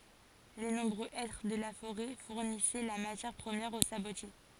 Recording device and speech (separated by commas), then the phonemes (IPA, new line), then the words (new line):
forehead accelerometer, read sentence
le nɔ̃bʁø ɛtʁ də la foʁɛ fuʁnisɛ la matjɛʁ pʁəmjɛʁ o sabotje
Les nombreux hêtres de la forêt fournissaient la matière première aux sabotiers.